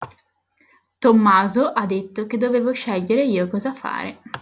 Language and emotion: Italian, neutral